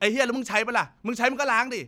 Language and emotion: Thai, angry